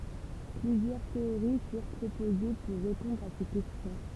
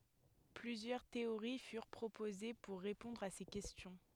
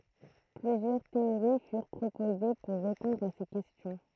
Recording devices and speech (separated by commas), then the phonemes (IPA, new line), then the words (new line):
temple vibration pickup, headset microphone, throat microphone, read sentence
plyzjœʁ teoʁi fyʁ pʁopoze puʁ ʁepɔ̃dʁ a se kɛstjɔ̃
Plusieurs théories furent proposées pour répondre à ces questions.